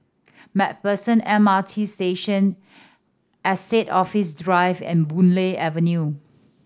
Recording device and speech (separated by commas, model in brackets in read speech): standing microphone (AKG C214), read sentence